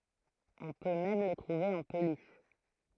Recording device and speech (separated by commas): throat microphone, read sentence